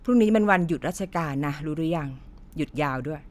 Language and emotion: Thai, frustrated